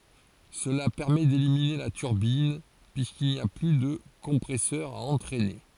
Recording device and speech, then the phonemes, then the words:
forehead accelerometer, read sentence
səla pɛʁmɛ delimine la tyʁbin pyiskil ni a ply də kɔ̃pʁɛsœʁ a ɑ̃tʁɛne
Cela permet d'éliminer la turbine, puisqu'il n'y a plus de compresseur à entraîner.

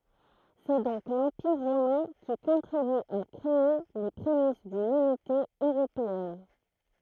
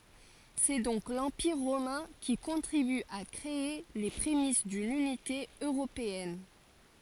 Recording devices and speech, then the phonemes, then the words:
throat microphone, forehead accelerometer, read sentence
sɛ dɔ̃k lɑ̃piʁ ʁomɛ̃ ki kɔ̃tʁiby a kʁee le pʁemis dyn ynite øʁopeɛn
C'est donc l'Empire romain qui contribue à créer les prémices d'une unité européenne.

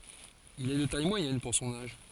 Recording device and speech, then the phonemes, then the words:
forehead accelerometer, read sentence
il ɛ də taj mwajɛn puʁ sɔ̃n aʒ
Il est de taille moyenne pour son âge.

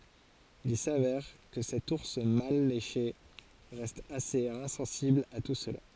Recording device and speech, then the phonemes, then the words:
forehead accelerometer, read sentence
il savɛʁ kə sɛt uʁs mal leʃe ʁɛst asez ɛ̃sɑ̃sibl a tu səla
Il s'avère que cet ours mal léché reste assez insensible à tout cela.

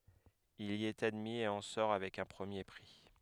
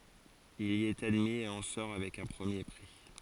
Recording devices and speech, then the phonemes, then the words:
headset microphone, forehead accelerometer, read sentence
il i ɛt admi e ɑ̃ sɔʁ avɛk œ̃ pʁəmje pʁi
Il y est admis et en sort avec un premier prix.

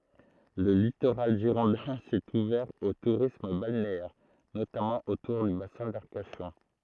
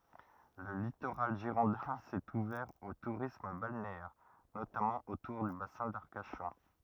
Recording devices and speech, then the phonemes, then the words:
throat microphone, rigid in-ear microphone, read sentence
lə litoʁal ʒiʁɔ̃dɛ̃ sɛt uvɛʁ o tuʁism balneɛʁ notamɑ̃ otuʁ dy basɛ̃ daʁkaʃɔ̃
Le littoral girondin s'est ouvert au tourisme balnéaire, notamment autour du bassin d'Arcachon.

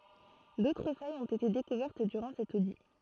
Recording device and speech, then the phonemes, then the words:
throat microphone, read sentence
dotʁ fajz ɔ̃t ete dekuvɛʁt dyʁɑ̃ sɛt odi
D'autres failles ont été découvertes durant cet audit.

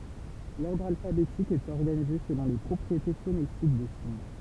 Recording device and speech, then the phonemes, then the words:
temple vibration pickup, read sentence
lɔʁdʁ alfabetik ɛt ɔʁɡanize səlɔ̃ le pʁɔpʁiete fonetik de siɲ
L’ordre alphabétique est organisé selon les propriétés phonétiques des signes.

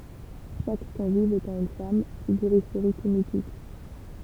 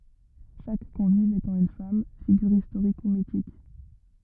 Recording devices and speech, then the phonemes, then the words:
temple vibration pickup, rigid in-ear microphone, read sentence
ʃak kɔ̃viv etɑ̃ yn fam fiɡyʁ istoʁik u mitik
Chaque convive étant une femme, figure historique ou mythique.

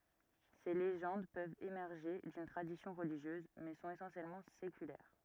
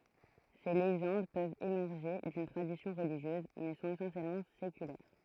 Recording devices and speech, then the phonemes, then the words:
rigid in-ear microphone, throat microphone, read sentence
se leʒɑ̃d pøvt emɛʁʒe dyn tʁadisjɔ̃ ʁəliʒjøz mɛ sɔ̃t esɑ̃sjɛlmɑ̃ sekylɛʁ
Ces légendes peuvent émerger d'une tradition religieuse, mais sont essentiellement séculaires.

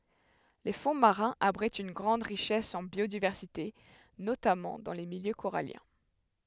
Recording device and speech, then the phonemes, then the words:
headset microphone, read sentence
le fɔ̃ maʁɛ̃z abʁitt yn ɡʁɑ̃d ʁiʃɛs ɑ̃ bjodivɛʁsite notamɑ̃ dɑ̃ le miljø koʁaljɛ̃
Les fonds marins abritent une grande richesse en biodiversité, notamment dans les milieux coralliens.

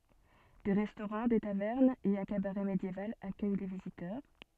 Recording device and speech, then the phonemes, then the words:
soft in-ear microphone, read sentence
de ʁɛstoʁɑ̃ de tavɛʁnz e œ̃ kabaʁɛ medjeval akœj le vizitœʁ
Des restaurants, des tavernes et un cabaret médiéval accueillent les visiteurs.

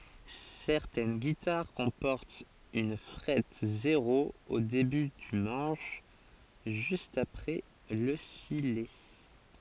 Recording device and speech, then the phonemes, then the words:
forehead accelerometer, read sentence
sɛʁtɛn ɡitaʁ kɔ̃pɔʁtt yn fʁɛt zeʁo o deby dy mɑ̃ʃ ʒyst apʁɛ lə sijɛ
Certaines guitares comportent une frette zéro au début du manche, juste après le sillet.

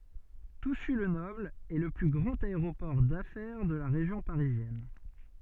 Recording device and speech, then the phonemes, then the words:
soft in-ear microphone, read sentence
tusy lə nɔbl ɛ lə ply ɡʁɑ̃t aeʁopɔʁ dafɛʁ də la ʁeʒjɔ̃ paʁizjɛn
Toussus-le-Noble est le plus grand aéroport d'affaires de la région parisienne.

